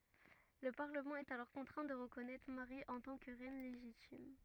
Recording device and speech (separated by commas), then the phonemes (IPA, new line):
rigid in-ear microphone, read sentence
lə paʁləmɑ̃ ɛt alɔʁ kɔ̃tʁɛ̃ də ʁəkɔnɛtʁ maʁi ɑ̃ tɑ̃ kə ʁɛn leʒitim